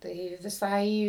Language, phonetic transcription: Lithuanian, ˈtai viˈsai

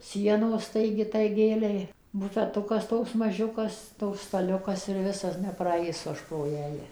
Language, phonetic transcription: Lithuanian, ˈsienos ˈtai igi tai ˈgėlei bufeˈtukas ˈtoks maˈžiukas ˈtoks staˈliukas ir ˈvisas nepraˈaisu ˈaš pro ˈjąja

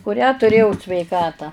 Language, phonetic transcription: Lithuanian, kuˈrią tuˈrėjau sveiˈkatą

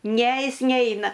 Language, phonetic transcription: Lithuanian, ne ˈjis ˈneina

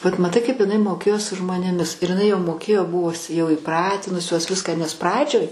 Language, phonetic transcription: Lithuanian, vat maˈtai kaip iˈnai moˈkėjo su žmonėˈmis ir jiˈnai jau moˈkėjo ˈbuvus jau įˈpratinusios ˈviską nes ˈpradžioj

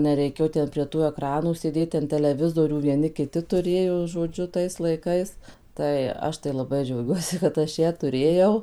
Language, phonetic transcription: Lithuanian, neˈreikėjo ˈten prie ˈtų eˈkranų sėˈdėt ˈten teleˈvizorių vieˈni kiˈti tuˈrėjo žoˈdžiu tais laiˈkais ˈtai ˈaš tai laˈbai džiauˈgiuosi kad ˈaš ˈją tuˈrėjau

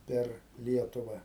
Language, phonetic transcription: Lithuanian, ˈper ˈlietuva

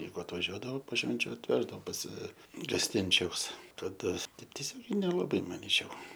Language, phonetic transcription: Lithuanian, ˈjeigu atvaˈžiuodavo po ˈšvenčiu atˈveždavo pas gasˈtinčiaus kaˈda ˈtaip tieˈsiogiai nelaˈbai maˈnyčiau

